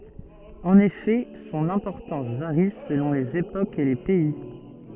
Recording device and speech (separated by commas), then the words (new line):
soft in-ear microphone, read sentence
En effet, son importance varie selon les époques et les pays.